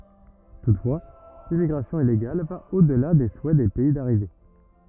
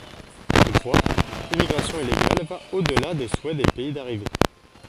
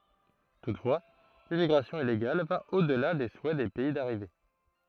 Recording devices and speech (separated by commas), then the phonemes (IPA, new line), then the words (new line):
rigid in-ear microphone, forehead accelerometer, throat microphone, read sentence
tutfwa limmiɡʁasjɔ̃ ileɡal va o dəla de suɛ de pɛi daʁive
Toutefois, l'immigration illégale va au-delà des souhaits des pays d’arrivée.